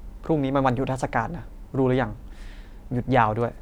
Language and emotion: Thai, frustrated